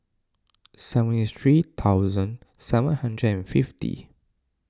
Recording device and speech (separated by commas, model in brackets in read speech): standing microphone (AKG C214), read sentence